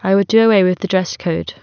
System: none